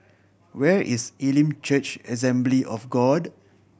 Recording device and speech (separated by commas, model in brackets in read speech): boundary microphone (BM630), read sentence